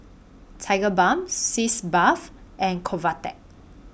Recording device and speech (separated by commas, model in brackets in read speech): boundary microphone (BM630), read sentence